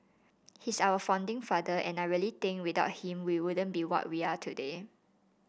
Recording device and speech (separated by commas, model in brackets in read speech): boundary microphone (BM630), read sentence